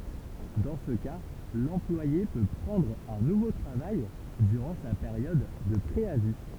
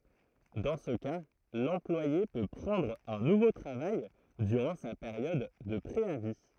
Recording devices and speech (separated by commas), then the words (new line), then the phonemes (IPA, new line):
temple vibration pickup, throat microphone, read sentence
Dans ce cas, l'employé peut prendre un nouveau travail durant sa période de préavis.
dɑ̃ sə ka lɑ̃plwaje pø pʁɑ̃dʁ œ̃ nuvo tʁavaj dyʁɑ̃ sa peʁjɔd də pʁeavi